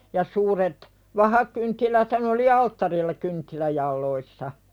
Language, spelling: Finnish, ja suuret vahakynttiläthän oli alttarilla kynttilänjaloissa
- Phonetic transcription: ja suuret , 'vahakynttiläthän ‿oli "alttarilla kynttiläjalloissa .

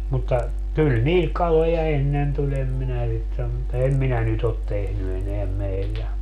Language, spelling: Finnish, mutta kyllä niihin kaloja ennen tuli en minä sitä sano mutta en minä nyt ole tehnyt enää meillä
- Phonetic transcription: mutta , 'kyl "niihik̆ 'kaloja 'ennen tu'ĺ ‿em minä '(sit sam) mutta 'em minä 'nyt ‿ot tehny eneäm 'meillä .

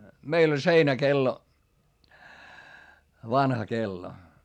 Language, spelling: Finnish, meillä oli seinäkello vanha kello
- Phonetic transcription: meil ‿oĺ seinäkello , vanha kello .

